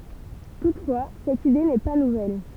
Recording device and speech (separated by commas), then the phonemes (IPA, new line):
temple vibration pickup, read sentence
tutfwa sɛt ide nɛ pa nuvɛl